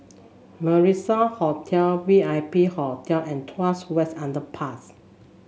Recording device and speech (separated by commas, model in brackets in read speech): mobile phone (Samsung S8), read sentence